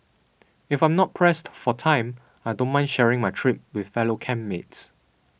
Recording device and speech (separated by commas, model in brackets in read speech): boundary microphone (BM630), read sentence